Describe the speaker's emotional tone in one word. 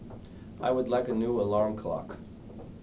neutral